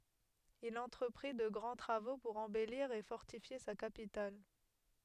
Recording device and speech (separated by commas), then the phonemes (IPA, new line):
headset microphone, read sentence
il ɑ̃tʁəpʁi də ɡʁɑ̃ tʁavo puʁ ɑ̃bɛliʁ e fɔʁtifje sa kapital